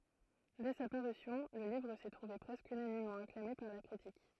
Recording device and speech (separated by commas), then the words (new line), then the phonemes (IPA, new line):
throat microphone, read sentence
Dès sa parution, le livre s'est trouvé presque unanimement acclamé par la critique.
dɛ sa paʁysjɔ̃ lə livʁ sɛ tʁuve pʁɛskə ynanimmɑ̃ aklame paʁ la kʁitik